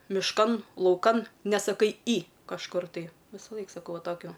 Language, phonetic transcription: Lithuanian, mišˈkan lauˈkan nesaˈkai į kažˈkur tai visaˈlaik saˈkau va ˈtokiu

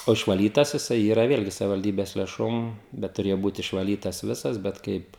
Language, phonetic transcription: Lithuanian, o išvaˈlytas jiˈsai ˈyra ˈvėlgi savivalˈdybes lėˈšom ˈbet tuˈrėjo ˈbūt išvaˈlytas ˈvisas bet ˈkaip

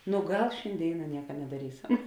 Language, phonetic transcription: Lithuanian, nu ˈgal šinˈdėina ˈnieka nedaˈrysam

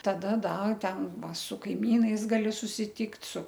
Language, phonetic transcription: Lithuanian, taˈda ˈda ˈten ˈva su kaiˈmynais ˈgali susiˈtykt' su

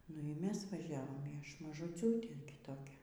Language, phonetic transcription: Lithuanian, ˈnu y ˈmes vaˈžiavom y ˈaš mažuˈciūtė gi ˈtokia

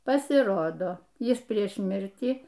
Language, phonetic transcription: Lithuanian, pasiˈrodo ˈjis ˈprieš ˈmirtį

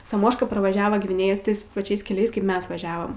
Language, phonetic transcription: Lithuanian, saˈmoška pravaˈžiava gviˈnėjės ˈtais paˈčiais keˈliais kaip ˈmes vaˈžiavam

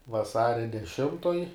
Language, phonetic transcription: Lithuanian, vaˈsaria deˈšimtoj

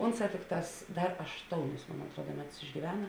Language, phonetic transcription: Lithuanian, ˈunˌsā ˈtikˌtās ˈdar ašˈtounis mon atˈruoda ˈmeˌtus išgyˈvena

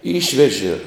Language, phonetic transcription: Lithuanian, ˈyšveži

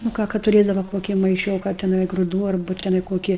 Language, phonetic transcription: Lithuanian, nu ˈką kad tuˈrėdava ˈkoki maiˈšioka teˈnai gruˈdų arˈbu teˈnai ˈkoki

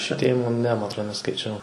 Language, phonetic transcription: Lithuanian, šviˈtėjimo ne ˈma atˈrod neskaiˈčiau

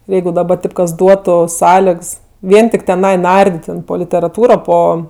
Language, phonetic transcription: Lithuanian, ir ˈjeigu daˈba ˈtaip kas ˈduotu ˈsąlegs ˈvien tik teˈnai ˈnardit' ten po literaˈtūro ˈpo

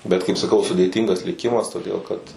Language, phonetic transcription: Lithuanian, bet kaip saˈkau sudėˈtyngas liˈkimas toˈdėl kad

